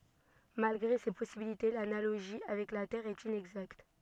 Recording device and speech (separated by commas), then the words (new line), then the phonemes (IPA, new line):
soft in-ear microphone, read sentence
Malgré ces possibilités, l’analogie avec la Terre est inexacte.
malɡʁe se pɔsibilite lanaloʒi avɛk la tɛʁ ɛt inɛɡzakt